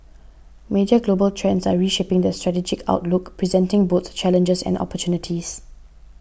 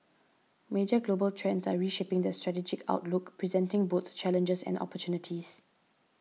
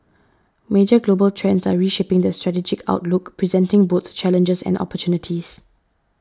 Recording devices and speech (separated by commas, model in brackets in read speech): boundary microphone (BM630), mobile phone (iPhone 6), standing microphone (AKG C214), read sentence